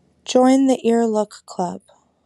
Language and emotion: English, sad